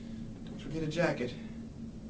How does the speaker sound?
neutral